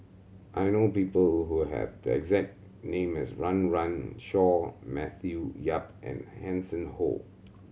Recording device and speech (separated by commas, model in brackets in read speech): mobile phone (Samsung C7100), read sentence